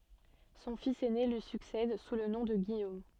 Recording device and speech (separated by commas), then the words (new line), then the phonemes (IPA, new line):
soft in-ear microphone, read sentence
Son fils aîné lui succède sous le nom de Guillaume.
sɔ̃ fis ɛne lyi syksɛd su lə nɔ̃ də ɡijom